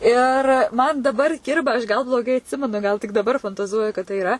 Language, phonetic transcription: Lithuanian, ˈir ˈman daˈbar ˈkirba aš gal bloˈgai atˈsimenu gal tik daˈbar fantaˈzuoju kad tai iˈra

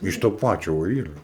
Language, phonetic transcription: Lithuanian, iš to ˈpačio va ˈyra

